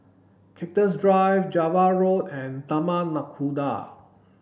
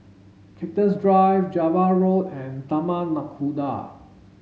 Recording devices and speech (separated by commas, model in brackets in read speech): boundary microphone (BM630), mobile phone (Samsung S8), read sentence